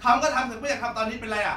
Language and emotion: Thai, angry